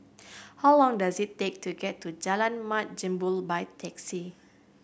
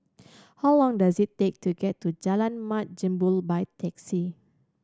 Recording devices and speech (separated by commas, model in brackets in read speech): boundary microphone (BM630), standing microphone (AKG C214), read sentence